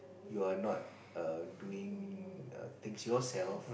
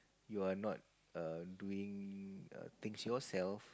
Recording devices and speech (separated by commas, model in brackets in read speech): boundary microphone, close-talking microphone, conversation in the same room